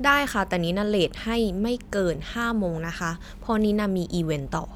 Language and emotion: Thai, frustrated